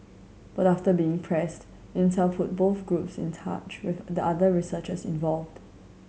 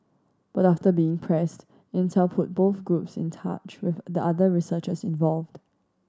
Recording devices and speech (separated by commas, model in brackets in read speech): mobile phone (Samsung C7100), standing microphone (AKG C214), read sentence